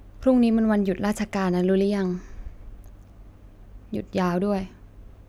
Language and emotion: Thai, sad